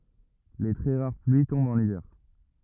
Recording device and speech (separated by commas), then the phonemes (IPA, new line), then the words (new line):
rigid in-ear microphone, read sentence
le tʁɛ ʁaʁ plyi tɔ̃bt ɑ̃n ivɛʁ
Les très rares pluies tombent en hiver.